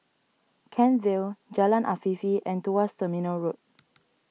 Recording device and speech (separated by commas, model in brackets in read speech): mobile phone (iPhone 6), read sentence